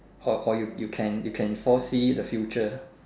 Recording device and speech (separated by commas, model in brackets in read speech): standing microphone, conversation in separate rooms